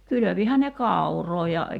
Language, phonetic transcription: Finnish, 'kylövihän ne "kàuroo ja ,.
- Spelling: kylvihän ne kauraa ja

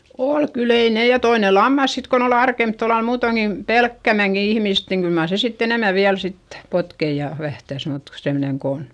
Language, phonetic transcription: Finnish, ol kyl ‿ei ne ja toine lammas sit kon ‿ol ‿arkemp tollal muutoŋki , pelkkämäŋki ihmist niŋ kyl mar se sitt ‿enemä viäl sittE , potkei ja , vähtäs mut , semneŋ ko on ,.
- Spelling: oli kyllä ei ne ja toinen lammas sitten kun oli arempi tuolla lailla muutoinkin pelkämäänkin ihmistä niin kyllä mar se sitten enemmän vielä sitten potki ja vähtäsi mutta semmoinen kun on

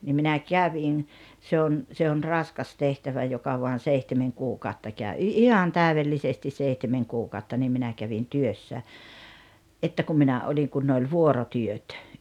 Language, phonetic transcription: Finnish, ni minä 'kävin , 'se on , se on "raskas "tehtävä 'joka voan̬ "seihtemeŋ "kuukàotta kä̀ö 'i- "ihan "tä̀uvellisestis 'seihtemeŋ 'kuukàotta niim 'minä kävin "työssä , '’että kum minä 'oĺiŋ kun ne oĺ "vuorotyöt .
- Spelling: niin minä kävin se on se on raskas tehtävä joka vain seitsemän kuukautta käy - ihan täydellisesti seitsemän kuukautta niin minä kävin työssä että kun minä olin kun ne oli vuorotyöt

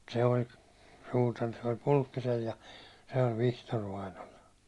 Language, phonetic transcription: Finnish, se oĺ , suutar- , se oĺ 'Puĺkkisel ja , se oĺ "Vihtor vainol .
- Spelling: se oli suutari se oli Pulkkisella ja se oli Vihtori vainajalla

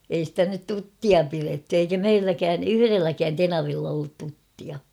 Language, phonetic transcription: Finnish, ei stä nyt "tuttia 'piretty eikä "meilläkään "yhyrelläkään 'tenavill ‿ollut 'tuttia .
- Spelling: ei sitä nyt tuttia pidetty eikä meilläkään yhdelläkään tenavilla ollut tuttia

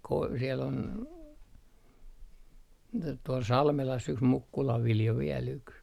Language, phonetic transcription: Finnish, koi- , siel ‿ol , t - tuol 'Salmelas yks "Mukkulav 'Viljo 'viel ‿yks .
- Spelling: - siellä oli - tuolla Salmelassa yksi Mukkulan Viljo vielä yksi

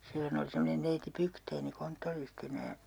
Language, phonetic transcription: Finnish, 'sillon ‿oli semmonen neiti "Pykteini 'konttoristinä ja ,.
- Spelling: silloin oli semmoinen neiti Bygden konttoristina ja

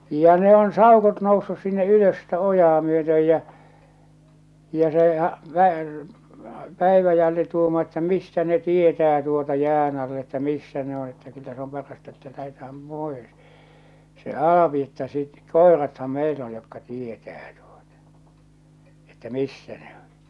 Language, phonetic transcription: Finnish, ja ne on 'sàokot noussus sinne 'ylös sitä 'ojaa myötöj jä , ja se ha- , pä- , 'P̀äiväjälli tuumaa että » "mistä ne 'tietää tuota 'jään ‿all ‿että 'missä ne ‿on̬ että kyllä se om 'parasta että lähetähäm 'pòes « , se "Al̬api että sit , » "koeratham 'meil ‿on jokka 'tietää tuotᴀ , että "missä ne ‿on̬ « .
- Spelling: ja ne on saukot noussut sinne ylös sitä ojaa myöten ja ja se - - Päiväjälli tuumaa että mistä ne tietää tuota jään alla että missä ne on että kyllä se on parasta että lähdetään pois se Alpi että sitten koirathan meillä on jotka tietää tuota että missä ne on

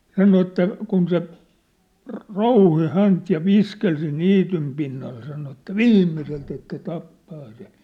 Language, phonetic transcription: Finnish, 'sano että , kun se , rŏ- "rouhi "hänt ja "viskel siin̆ "niitym pinnal sano että "viimmiselt ‿että 'tappaa se .
- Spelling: sanoi että kun se - rouhi häntä ja viskeli siinä niityn pinnalla sanoi että viimeiseltä että tappaa se

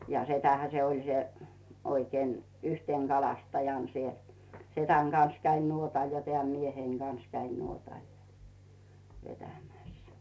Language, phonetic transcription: Finnish, ja 'setähä se oĺ se , oikeen , "yhtèŋ 'Galastajàn siel , "setäŋ Gans käin 'nuotal ja teä̀m 'mieheiŋ Gans käin 'nuotàl ja , vetämä̀s .
- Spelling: ja setähän se oli se oikein yhtenä kalastajana siellä sedän kanssa kävin nuotalla ja tämän mieheni kanssa kävin nuotalla ja vetämässä

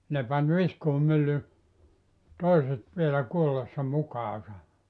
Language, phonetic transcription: Finnish, 'ne pan 'viskuumylly , "toiset vielä 'kuolessa 'mukaasa .
- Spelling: ne pani viskuumyllyn toiset vielä kuollessa mukaansa

